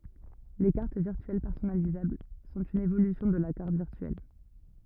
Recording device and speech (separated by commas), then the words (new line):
rigid in-ear microphone, read sentence
Les cartes virtuelles personnalisables sont une évolution de la carte virtuelle.